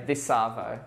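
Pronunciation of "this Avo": In 'this Avo', the s at the end of 'this' is connected onto 'Avo'.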